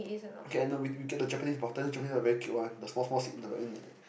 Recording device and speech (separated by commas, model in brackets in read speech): boundary microphone, conversation in the same room